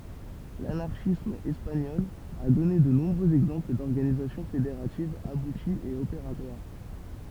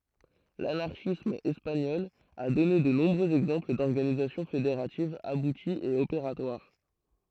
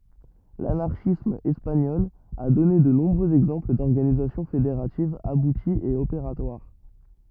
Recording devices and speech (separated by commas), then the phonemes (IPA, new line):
temple vibration pickup, throat microphone, rigid in-ear microphone, read sentence
lanaʁʃism ɛspaɲɔl a dɔne də nɔ̃bʁøz ɛɡzɑ̃pl dɔʁɡanizasjɔ̃ fedeʁativz abutiz e opeʁatwaʁ